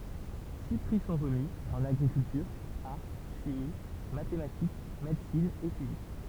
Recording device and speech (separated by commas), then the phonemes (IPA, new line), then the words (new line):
temple vibration pickup, read sentence
si pʁi sɔ̃ ʁəmi ɑ̃n aɡʁikyltyʁ aʁ ʃimi matematik medəsin e fizik
Six prix sont remis, en agriculture, art, chimie, mathématiques, médecine et physique.